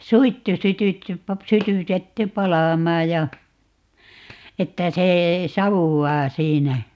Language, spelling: Finnish, suittu sytytty - sytytetty palamaan ja että se savuaa siinä
- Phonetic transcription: "suittu 'sytytty pa - 'sytytetty "palàmaa ja , 'että se , "savuwwaa 'siinä .

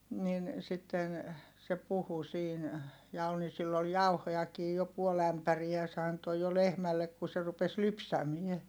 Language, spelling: Finnish, niin sitten se puhui siinä ja oli niin sillä oli jauhojakin jo puoli ämpäriä se antoi jo lehmälle kun se rupesi lypsämään
- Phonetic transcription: nin , sitten , se puhu siin , ja ol ni sill ‿ol jauhojakii jo puol ‿ämpäriä se anto jo lehmällek ku se rupes lypsämie .

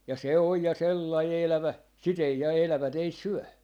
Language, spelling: Finnish, ja se on ja sellainen elävä sitä ei ja elävät ei syö
- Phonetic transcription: ja se oj ja "sellai 'elävä , si't ‿ei ja 'elävä't ‿ei "syö .

